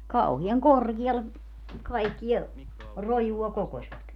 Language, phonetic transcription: Finnish, 'kauhi₍aŋ "korGialle , 'kaikkiɛ , 'rojua 'kokośvat .
- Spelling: kauhean korkealle kaikkea rojua kokosivat

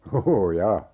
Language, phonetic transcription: Finnish, 'oʰoo"ja !
- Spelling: ooja

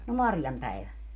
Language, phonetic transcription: Finnish, no "Marjam 'päivä .
- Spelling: no Marjan päivä

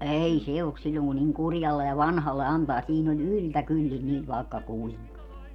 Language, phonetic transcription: Finnish, 'ei "se ok 'siĺĺoŋ ku niŋ 'kurjalle ja "vanhalle 'antaa siin ‿oĺ "yltäkyllin niv vàekka "kuiŋka .
- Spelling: ei se ole silloin kun niin kurjalle ja vanhalle antaa siinä oli yltäkyllin niin vaikka kuinka

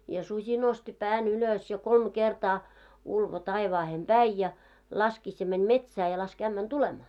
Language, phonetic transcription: Finnish, ja suśi nosti 'pää'n ‿ylös ja 'kolm 'kertaa , ulvo 'taivaahem "ʙäi ja , 'laskis ja 'mäń "metsää ja 'lask ämmän "tulemaa .
- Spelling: ja susi nosti pään ylös ja kolme kertaa ulvoi taivaaseen päin ja laski ja meni metsään ja laski ämmän tulemaan

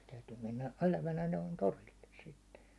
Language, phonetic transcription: Finnish, se 'täytyy 'mennä 'elävänä noin "torilles sitte .
- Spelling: se täytyy mennä elävänä noin torille sitten

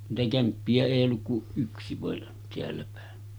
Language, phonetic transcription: Finnish, niitä 'kämppi₍ä èij ‿olluk kuˀ 'ˀyksi vàen , teälläpä̀e .
- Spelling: niitä kämppiä ei ollut kuin yksi vain täälläpäin

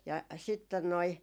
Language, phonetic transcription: Finnish, ja sitten noi ,.
- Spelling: ja sitten noin

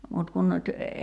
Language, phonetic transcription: Finnish, mut 'kun nyt ,.
- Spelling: mutta kun nyt

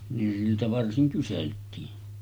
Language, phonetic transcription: Finnish, nin siltä 'varsiŋ kyseltiin .
- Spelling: niin siltä varsin kyseltiin

